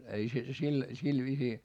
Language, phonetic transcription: Finnish, ei se sil , sil viisii ,.
- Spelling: ei se sillä sillä viisiin

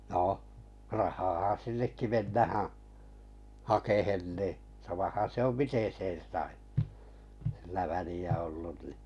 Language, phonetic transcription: Finnish, noh , rahaaha 'sinnekki 'mennähää̰ , 'hakehen nì , 'samahan̬ se om "miten̬ 'sen̬ sai , sillä 'väli₍ä ollun ni .
- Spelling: no rahaahan sinnekin mennään hakemaan niin samahan se on miten sen sai sillä väliä ollut niin

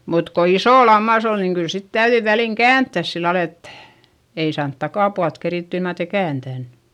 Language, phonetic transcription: Finnish, mut ko isò lammas ‿on niŋ kyl sit täyδyi väliŋ käänttäs sillal ‿et , ei saant takàpualt kerìtty ilman ‿etei kääntän .
- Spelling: mutta kun iso lammas on niin kyllä sitten täytyi väliin kääntää sillä lailla että ei saanut takapuolta kerittyä ilman että ei kääntänyt

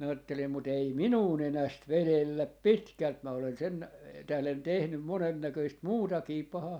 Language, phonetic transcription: Finnish, minä 'aattelim » mut 'ei "minuu 'nenäst "velelläp "pitkält 'mä olen 'sen , tählen 'tehnym 'monennäköist "muutakii 'pahaa .
- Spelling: minä ajattelin mutta ei minua nenästä vedellä pitkälti minä olen sen tähden tehnyt monennäköistä muutakin pahaa

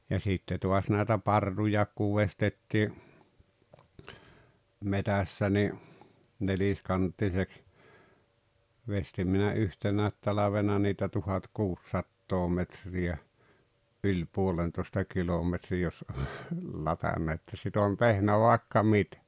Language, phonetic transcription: Finnish, ja 'sitte to̭as nä̀etä "parrujàek kuv 'vestettii , "metässä ni , "neliskanttiseks , 'vestim minä "yhtenä̀et 'talavena niitä 'tuhat"kuussattoo 'metri₍ä , '’yĺ 'puolentoᵉsta 'kilometri jos , 'latanna että sit ‿oon 'tehnä 'vàekka "mitᴀ̈ .
- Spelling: ja sitten taas näitä parruja kun veistettiin metsässä niin neliskanttiseksi veistin minä yhtenä talvena niitä tuhatkuusisataa metriä yli puolentoista kilometriä jos - että sitä olen tehnyt vaikka mitä

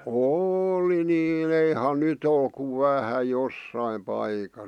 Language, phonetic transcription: Finnish, ôli 'nîn 'eihan "nyt ‿ol kuv "vähä "jossaim paika(s) .
- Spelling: oli niin eihän nyt ole kuin vähän jossakin paikassa

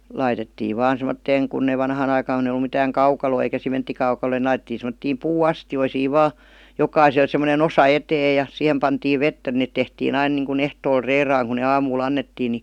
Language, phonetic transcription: Finnish, 'laitettiiv "vaan sem°tteeŋ kunn ‿eⁱ 'vanhaan ‿aikaaŋ kun ‿eⁱ °lu mitääŋ "kaukaloo eikä 'simenttikauka(loi) ni 'laitet̆tiin̬ sem°ttiim 'puu₍"astijoisiiv "vaa , 'jokaisel semone"n ‿osa "etee ja , 'sihem pantiiv "vettä net 'tehtii'n ‿ain nìŋku'n ‿ehtool "reeraaŋ ku ne "aamuu'l ‿annettii ni ,.
- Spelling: laitettiin vain semmoiseen kun ei vanhaan aikaan kun ei ollut mitään kaukaloa eikä sementtikaukaloita niin laitettiin semmoisiin puuastioihin vain jokaiselle semmoinen osa eteen ja siihen pantiin vettä ne tehtiin aina niin kuin ehtoolla reilaan kun ne aamulla annettiin niin

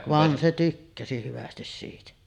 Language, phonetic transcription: Finnish, 'van se 'tykkäsi hyvästis siitä .
- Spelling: vaan se tykkäsi hyvästi siitä

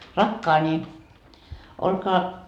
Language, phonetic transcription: Finnish, » rakkaani , olkaa ,. »
- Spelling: rakkaani olkaa

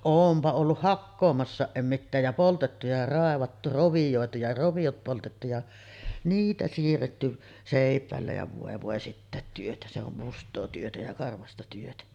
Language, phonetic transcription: Finnish, 'oompa olluh "hakkoomassàeˀ 'ˀem mittääj jä 'poltettu ja 'ràevattu 'rovijòetu ja 'rovijot poltettu ja , 'niitä siirretty , sèip̀ä̀ellä ja vòe vòe 'sittä̀et työtä , se ‿om 'must̆too työtä ja 'karvasta työtä .
- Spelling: olenpa ollut hakkaamassakin en mitään ja poltettu ja raivattu rovioitu ja roviot poltettu ja niitä siirretty seipäillä ja voi voi sitäkin työtä se on mustaa työtä ja karvasta työtä

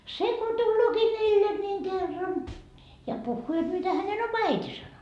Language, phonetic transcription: Finnish, 'se ko 'tullooki 'meille niiŋ kerran , ja 'puhhuu jot mitä hänen 'oma "äiti sano .
- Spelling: se kun tuleekin meille niin kerran ja puhuu jotta mitä hänen oma äiti sanoi

